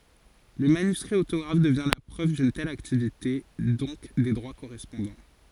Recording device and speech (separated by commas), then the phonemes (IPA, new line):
forehead accelerometer, read sentence
lə manyskʁi otoɡʁaf dəvjɛ̃ la pʁøv dyn tɛl aktivite dɔ̃k de dʁwa koʁɛspɔ̃dɑ̃